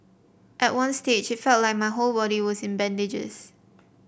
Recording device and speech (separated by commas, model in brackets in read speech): boundary microphone (BM630), read sentence